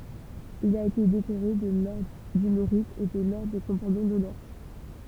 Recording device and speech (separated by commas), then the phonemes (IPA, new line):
temple vibration pickup, read sentence
il a ete dekoʁe də lɔʁdʁ dy meʁit e də lɔʁdʁ de kɔ̃paɲɔ̃ dɔnœʁ